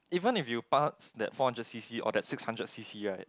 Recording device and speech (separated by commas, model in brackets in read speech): close-talking microphone, conversation in the same room